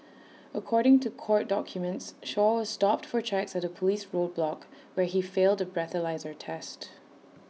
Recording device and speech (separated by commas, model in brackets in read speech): mobile phone (iPhone 6), read sentence